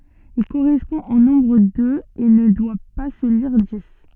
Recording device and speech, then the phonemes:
soft in-ear microphone, read sentence
il koʁɛspɔ̃ o nɔ̃bʁ døz e nə dwa pa sə liʁ dis

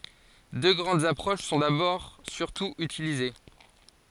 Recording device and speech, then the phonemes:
forehead accelerometer, read sentence
dø ɡʁɑ̃dz apʁoʃ sɔ̃ dabɔʁ syʁtu ytilize

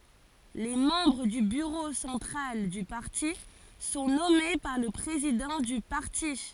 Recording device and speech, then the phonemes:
forehead accelerometer, read sentence
le mɑ̃bʁ dy byʁo sɑ̃tʁal dy paʁti sɔ̃ nɔme paʁ lə pʁezidɑ̃ dy paʁti

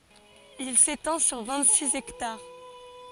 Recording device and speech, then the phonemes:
forehead accelerometer, read sentence
il setɑ̃ syʁ vɛ̃t siz ɛktaʁ

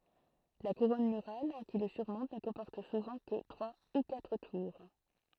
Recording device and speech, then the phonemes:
throat microphone, read sentence
la kuʁɔn myʁal ki lə syʁmɔ̃t nə kɔ̃pɔʁt suvɑ̃ kə tʁwa u katʁ tuʁ

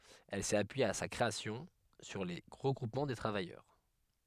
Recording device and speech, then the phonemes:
headset microphone, read sentence
ɛl sɛt apyije a sa kʁeasjɔ̃ syʁ le ʁəɡʁupmɑ̃ də tʁavajœʁ

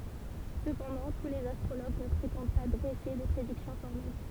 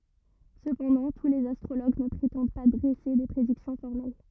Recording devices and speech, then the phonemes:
temple vibration pickup, rigid in-ear microphone, read sentence
səpɑ̃dɑ̃ tu lez astʁoloɡ nə pʁetɑ̃d pa dʁɛse de pʁediksjɔ̃ fɔʁmɛl

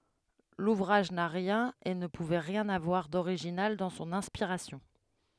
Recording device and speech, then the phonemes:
headset microphone, read sentence
luvʁaʒ na ʁjɛ̃n e nə puvɛ ʁjɛ̃n avwaʁ doʁiʒinal dɑ̃ sɔ̃n ɛ̃spiʁasjɔ̃

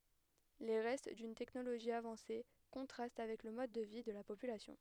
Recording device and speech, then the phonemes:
headset microphone, read sentence
le ʁɛst dyn tɛknoloʒi avɑ̃se kɔ̃tʁast avɛk lə mɔd də vi də la popylasjɔ̃

